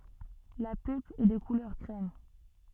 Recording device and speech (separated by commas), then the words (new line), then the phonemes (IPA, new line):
soft in-ear microphone, read sentence
La pulpe est de couleur crème.
la pylp ɛ də kulœʁ kʁɛm